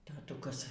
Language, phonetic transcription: Lithuanian, taˈtukas

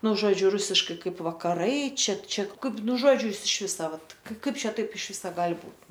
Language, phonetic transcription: Lithuanian, ˈnu ˈžodžiu ˈrusiškai ˈkaip vakaˈrai ˈčia ˈčia ˈkaip ˈnu ˈžodžiu ˈjis iš ˈvisa ˈvat ˈkaip ˈčia ˈtaip iš ˈvisa ˈgal' ˈbūt

